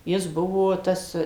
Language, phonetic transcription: Lithuanian, ˈjis ˈbuvo ˈtas

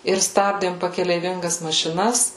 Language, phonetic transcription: Lithuanian, ir ˈstabdėm pakeleiˈvingas mašiˈnas

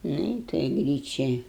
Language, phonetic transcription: Lithuanian, ˈnu i toj ˈgryčia

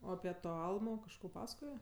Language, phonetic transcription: Lithuanian, ˈo api ˈto ˈalmo kažˈko ˈpasakoje

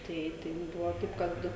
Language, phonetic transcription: Lithuanian, ˈtai tai mum ˈbuvo ˈtaip ˈkad

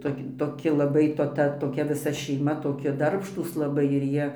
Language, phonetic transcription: Lithuanian, ˈtok' toˈki laˈbai to ˈta toˈkia viˈsa šeiˈma toˈki ˈdarbštūs laˈbai ir ˈjie

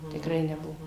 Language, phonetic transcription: Lithuanian, tikˈrai neˈbuvo

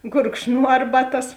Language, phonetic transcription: Lithuanian, gurkšˈnuo ˈarbaˌtas

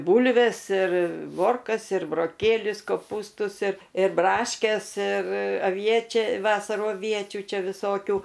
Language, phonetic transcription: Lithuanian, ˈbūlvės ir ˈmorkas ir broˈkėlius koˈpūstus ir ir ˈbraškes ir aˈviečia ˈvasarų aˈviečių ˈčia viˈsokių

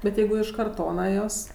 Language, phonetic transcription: Lithuanian, bet ˈjeigu iš karˈtona jos

